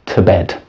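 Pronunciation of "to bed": In 'to bed', 'to' is said in its weak form, with a schwa, not as the strong form 'two'.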